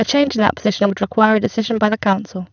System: VC, spectral filtering